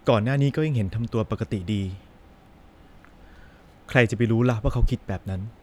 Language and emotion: Thai, sad